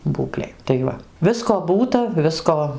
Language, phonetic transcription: Lithuanian, ˈbūklėj tai ˈva ˈvisko ˈbūta ˈvisko

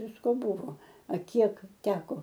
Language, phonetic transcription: Lithuanian, ˈvisko ˈbuvo a ˈkiek ˈteko

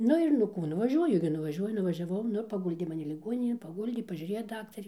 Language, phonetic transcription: Lithuanian, ˈnu ir nu ˈkų nuvaˈžiuoju gi nuvaˈžiuoju nuvažiaˈvau ˈnu ir paˈguldė maˈni liˈguoninėn paˈguldė paˈžiurėjo ˈdaktarė

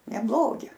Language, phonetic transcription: Lithuanian, neˈblogi

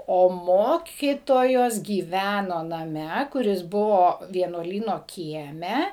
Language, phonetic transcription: Lithuanian, ˈo ˈmokytojos gyˈvæno naˈme kuˈris ˈbuvo vienuoˈlyno ˈkieme

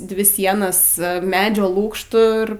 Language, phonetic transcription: Lithuanian, ˈdvi ˈsienas ˈmedžio ˈlūkštu ir

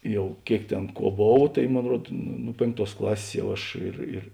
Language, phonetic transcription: Lithuanian, ˈjau ˈkėik ˈtėn ˈkuo ˈbov tai ˈmon ˈruod nu ˈnu pėnkˌtuos ˈklasės ˈjau ˈaš ir ir

